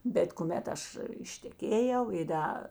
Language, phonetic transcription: Lithuanian, bet kuˈmet ˈaš išteˈkėjau i ˈda

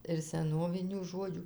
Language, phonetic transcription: Lithuanian, ir seˈnovinių ˈžodžių

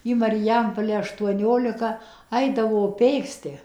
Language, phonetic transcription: Lithuanian, į mariˈjampole aštuoˈniolika ˈaidavo ˈpėksti

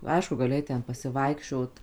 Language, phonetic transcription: Lithuanian, ˈaišku gaˈli ˈait ˈten pasiˈvaikščiot

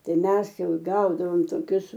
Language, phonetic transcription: Lithuanian, ˈtai ˈmes ˈjau ˈgaudavom toˈkius

